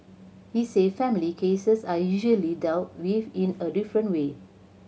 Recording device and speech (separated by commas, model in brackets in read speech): mobile phone (Samsung C7100), read sentence